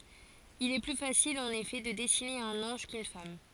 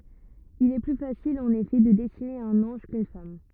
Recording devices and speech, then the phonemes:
forehead accelerometer, rigid in-ear microphone, read sentence
il ɛ ply fasil ɑ̃n efɛ də dɛsine œ̃n ɑ̃ʒ kyn fam

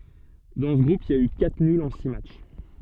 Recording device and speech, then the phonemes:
soft in-ear microphone, read sentence
dɑ̃ sə ɡʁup il i a y katʁ nylz ɑ̃ si matʃ

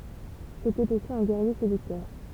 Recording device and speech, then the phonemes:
temple vibration pickup, read sentence
setɛt osi œ̃ ɡɛʁje sedyktœʁ

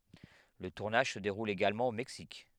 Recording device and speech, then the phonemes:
headset microphone, read sentence
lə tuʁnaʒ sə deʁul eɡalmɑ̃ o mɛksik

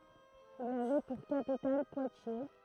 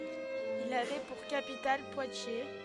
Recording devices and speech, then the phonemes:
throat microphone, headset microphone, read sentence
il avɛ puʁ kapital pwatje

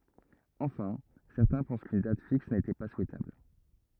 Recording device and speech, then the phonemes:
rigid in-ear microphone, read sentence
ɑ̃fɛ̃ sɛʁtɛ̃ pɑ̃s kyn dat fiks netɛ pa suɛtabl

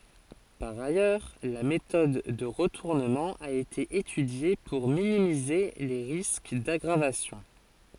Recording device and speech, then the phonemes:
forehead accelerometer, read sentence
paʁ ajœʁ la metɔd də ʁətuʁnəmɑ̃ a ete etydje puʁ minimize le ʁisk daɡʁavasjɔ̃

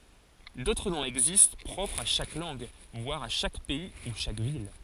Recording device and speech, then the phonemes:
forehead accelerometer, read sentence
dotʁ nɔ̃z ɛɡzist pʁɔpʁz a ʃak lɑ̃ɡ vwaʁ a ʃak pɛi u ʃak vil

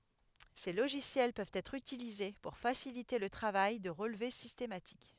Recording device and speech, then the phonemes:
headset microphone, read sentence
se loʒisjɛl pøvt ɛtʁ ytilize puʁ fasilite lə tʁavaj də ʁəlve sistematik

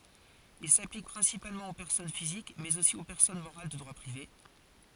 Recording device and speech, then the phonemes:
forehead accelerometer, read sentence
il saplik pʁɛ̃sipalmɑ̃ o pɛʁsɔn fizik mɛz osi o pɛʁsɔn moʁal də dʁwa pʁive

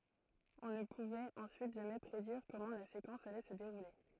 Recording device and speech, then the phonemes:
throat microphone, read sentence
ɔ̃ nə puvɛt ɑ̃syit ʒamɛ pʁediʁ kɔmɑ̃ la sekɑ̃s alɛ sə deʁule

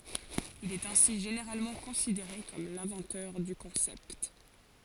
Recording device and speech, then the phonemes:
forehead accelerometer, read sentence
il ɛt ɛ̃si ʒeneʁalmɑ̃ kɔ̃sideʁe kɔm lɛ̃vɑ̃tœʁ dy kɔ̃sɛpt

